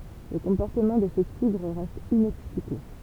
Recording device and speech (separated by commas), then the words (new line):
temple vibration pickup, read sentence
Le comportement de ces tigres reste inexpliqué.